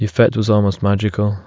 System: none